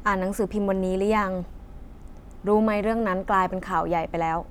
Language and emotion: Thai, neutral